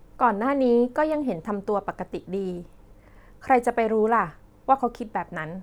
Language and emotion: Thai, neutral